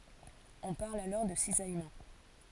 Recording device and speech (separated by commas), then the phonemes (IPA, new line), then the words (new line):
forehead accelerometer, read sentence
ɔ̃ paʁl alɔʁ də sizajmɑ̃
On parle alors de cisaillement.